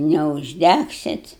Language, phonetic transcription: Lithuanian, neužˈdægsit

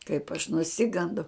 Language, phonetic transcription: Lithuanian, kaip aš nuˈsigandau

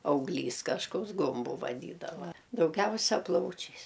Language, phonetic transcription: Lithuanian, auˈglys kažˈkoks ˈgumbu vaˈdydava dauˈgiausia ˈplaučiais

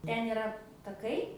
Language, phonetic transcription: Lithuanian, ˈten iˈra taˈkai

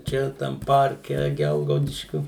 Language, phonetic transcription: Lithuanian, ˈčia tam ˈparke ˈgelgaudiškiu

